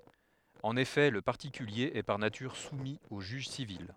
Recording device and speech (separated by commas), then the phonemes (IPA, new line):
headset microphone, read sentence
ɑ̃n efɛ lə paʁtikylje ɛ paʁ natyʁ sumi o ʒyʒ sivil